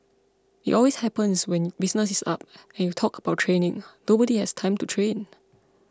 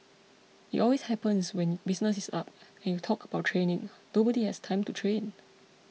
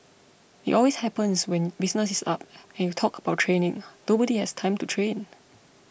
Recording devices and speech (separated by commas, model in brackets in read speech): close-talking microphone (WH20), mobile phone (iPhone 6), boundary microphone (BM630), read sentence